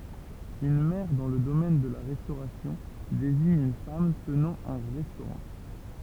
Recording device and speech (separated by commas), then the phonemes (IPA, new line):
temple vibration pickup, read sentence
yn mɛʁ dɑ̃ lə domɛn də la ʁɛstoʁasjɔ̃ deziɲ yn fam tənɑ̃ œ̃ ʁɛstoʁɑ̃